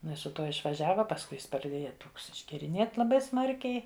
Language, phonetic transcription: Lithuanian, iˈnai su ˈtuo išvaˈžiava pasˈkui ˈjis praˈdėja ˈtoks išgeriˈnėt laˈbai ˈsmarkiai

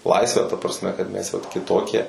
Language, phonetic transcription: Lithuanian, ˈlaisvę ta prasˈme kad mes jau kiˈtokie

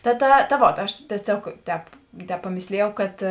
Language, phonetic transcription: Lithuanian, ta ˈta ta ˈvot aš tieˈsiog ˈtēp ˈtēp paˈmėslijau kad

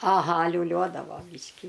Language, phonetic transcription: Lithuanian, aˈha liūˈliuodavo ˈbyški

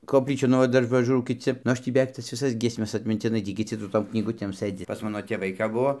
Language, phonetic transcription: Lithuanian, kopˈlyčių nu ˈva ˈdar paˈžūrau kiˈci nu ˈaš tį beˈveik tas viˈsas giesˈmes atmintiˈnai ˈtį kiˈci su ˈtom knyˈgutėm ˈsɘdzi pas ˈmano tėˈvai kap ˈbuvo

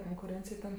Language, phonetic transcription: Lithuanian, konkuˈrėncij ten

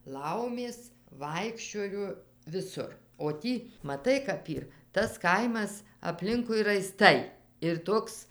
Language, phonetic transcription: Lithuanian, ˈlaumės ˈvaikščiojo viˈsur o ˈtį maˈtai kap ˈyr tas ˈkaimas apˈlinkui raiˈstai ir ˈtoks

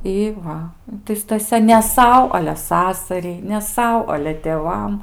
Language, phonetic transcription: Lithuanian, ˈi ˈva tai staˈsia ne ˈsau ale ˈsasariai ne ˈsau ale tėˈvam

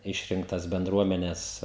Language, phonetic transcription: Lithuanian, ˈišrinktas benˈdruomenes

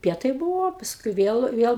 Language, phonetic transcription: Lithuanian, ˈpietai ˈbūvo ˈpaskui ˈviel ˈviel

